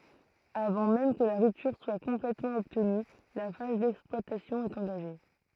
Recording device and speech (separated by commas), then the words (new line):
throat microphone, read sentence
Avant même que la rupture soit complètement obtenue, la phase d'exploitation est engagée.